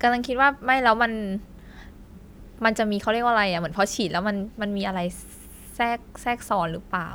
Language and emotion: Thai, neutral